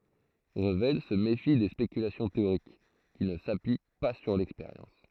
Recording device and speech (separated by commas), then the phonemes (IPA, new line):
throat microphone, read sentence
ʁəvɛl sə mefi de spekylasjɔ̃ teoʁik ki nə sapyi pa syʁ lɛkspeʁjɑ̃s